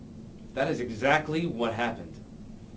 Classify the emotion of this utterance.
neutral